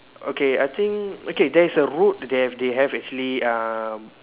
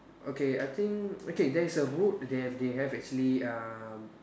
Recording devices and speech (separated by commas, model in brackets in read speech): telephone, standing microphone, conversation in separate rooms